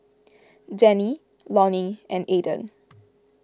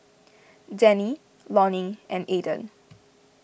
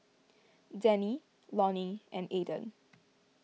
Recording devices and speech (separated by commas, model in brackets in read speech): close-talking microphone (WH20), boundary microphone (BM630), mobile phone (iPhone 6), read sentence